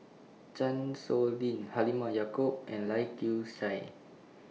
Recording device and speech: mobile phone (iPhone 6), read sentence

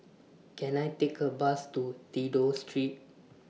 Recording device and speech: mobile phone (iPhone 6), read sentence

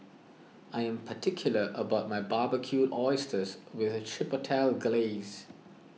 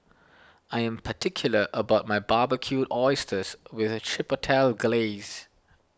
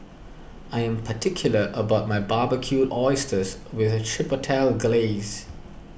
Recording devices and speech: mobile phone (iPhone 6), standing microphone (AKG C214), boundary microphone (BM630), read sentence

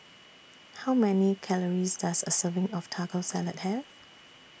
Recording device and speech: boundary microphone (BM630), read sentence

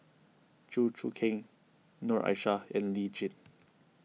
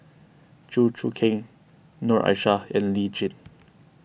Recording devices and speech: mobile phone (iPhone 6), boundary microphone (BM630), read sentence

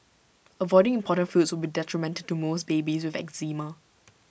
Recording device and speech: boundary microphone (BM630), read sentence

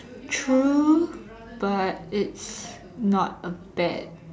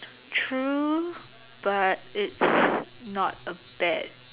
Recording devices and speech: standing microphone, telephone, conversation in separate rooms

